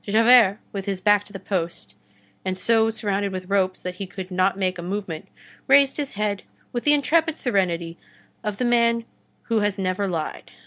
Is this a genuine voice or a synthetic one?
genuine